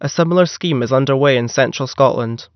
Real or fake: real